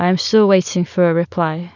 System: none